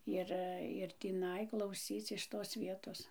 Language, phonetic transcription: Lithuanian, ˈir ir tįˈnai klauˈsyc iš tos ˈvietos

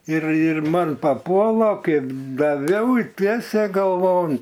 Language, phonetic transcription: Lithuanian, ir ir ˈman paˈpuola ˈkaip daˈviau i ˈtiesė galˈvon

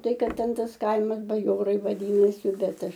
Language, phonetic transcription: Lithuanian, ˈtai ˈkad ˈten ˈtas ˈkaimas baˈjorai vaˈdynasi ˈbet ˈaš

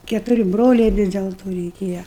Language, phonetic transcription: Lithuanian, ketuˈri ˈbroliai ˈvis del ˈto reiˈkėja

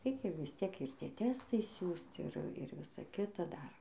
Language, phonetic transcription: Lithuanian, ˈreikia visˈtiek ir ˈtie ˈtestai ˈsiųst ˈir ˈir ˈvisa ˈkita ˈdar

